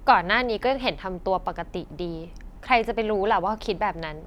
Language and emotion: Thai, frustrated